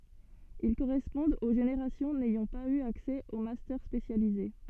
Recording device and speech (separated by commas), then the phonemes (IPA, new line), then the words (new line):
soft in-ear microphone, read sentence
il koʁɛspɔ̃dt o ʒeneʁasjɔ̃ nɛjɑ̃ paz y aksɛ o mastœʁ spesjalize
Ils correspondent aux générations n'ayant pas eu accès aux Master spécialisés.